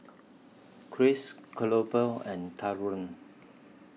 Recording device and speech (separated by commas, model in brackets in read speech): mobile phone (iPhone 6), read sentence